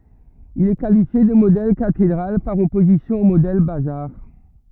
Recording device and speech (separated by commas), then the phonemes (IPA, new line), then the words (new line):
rigid in-ear microphone, read sentence
il ɛ kalifje də modɛl katedʁal paʁ ɔpozisjɔ̃ o modɛl bazaʁ
Il est qualifié de modèle cathédrale par opposition au modèle bazar.